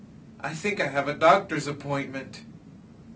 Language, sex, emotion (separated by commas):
English, male, fearful